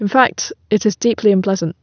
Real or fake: real